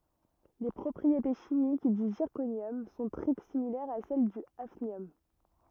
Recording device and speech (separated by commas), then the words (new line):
rigid in-ear microphone, read sentence
Les propriétés chimiques du zirconium sont très similaires à celles du hafnium.